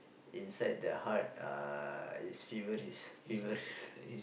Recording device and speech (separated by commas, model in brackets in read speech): boundary microphone, conversation in the same room